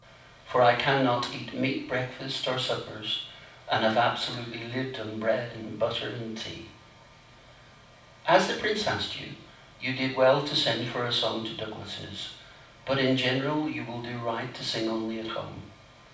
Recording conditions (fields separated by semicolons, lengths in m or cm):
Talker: one person; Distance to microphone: 5.8 m; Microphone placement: far; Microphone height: 1.8 m; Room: medium-sized (5.7 m by 4.0 m); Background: none